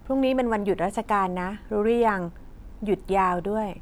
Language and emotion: Thai, neutral